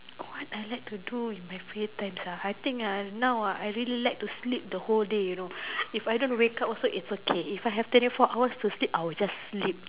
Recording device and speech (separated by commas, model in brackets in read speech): telephone, conversation in separate rooms